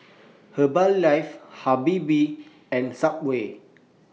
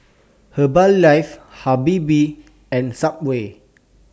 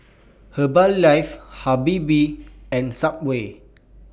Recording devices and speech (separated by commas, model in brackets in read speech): mobile phone (iPhone 6), standing microphone (AKG C214), boundary microphone (BM630), read sentence